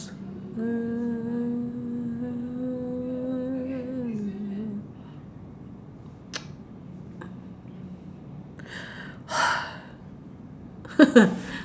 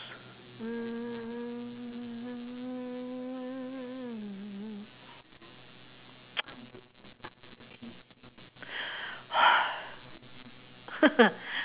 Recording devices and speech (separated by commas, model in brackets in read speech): standing microphone, telephone, conversation in separate rooms